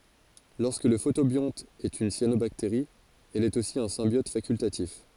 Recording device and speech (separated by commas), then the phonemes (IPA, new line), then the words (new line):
forehead accelerometer, read sentence
lɔʁskə lə fotobjɔ̃t ɛt yn sjanobakteʁi ɛl ɛt osi œ̃ sɛ̃bjɔt fakyltatif
Lorsque le photobionte est une cyanobactérie, elle est aussi un symbiote facultatif.